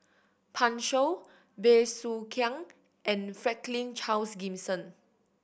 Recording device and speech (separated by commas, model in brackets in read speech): boundary microphone (BM630), read sentence